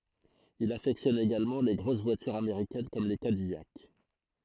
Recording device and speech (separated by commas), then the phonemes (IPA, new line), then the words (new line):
throat microphone, read sentence
il afɛktjɔn eɡalmɑ̃ le ɡʁos vwatyʁz ameʁikɛn kɔm le kadijak
Il affectionne également les grosses voitures américaines comme les Cadillac.